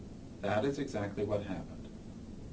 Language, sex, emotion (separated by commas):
English, male, neutral